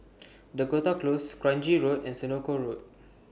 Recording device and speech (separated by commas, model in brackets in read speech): boundary microphone (BM630), read sentence